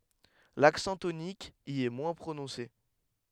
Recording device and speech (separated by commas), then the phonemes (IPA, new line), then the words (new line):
headset microphone, read sentence
laksɑ̃ tonik i ɛ mwɛ̃ pʁonɔ̃se
L'accent tonique y est moins prononcé.